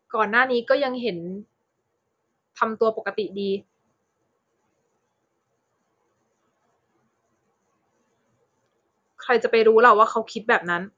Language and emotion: Thai, sad